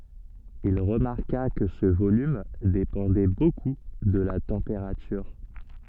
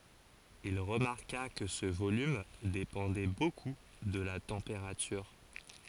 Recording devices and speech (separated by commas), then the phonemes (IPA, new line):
soft in-ear microphone, forehead accelerometer, read sentence
il ʁəmaʁka kə sə volym depɑ̃dɛ boku də la tɑ̃peʁatyʁ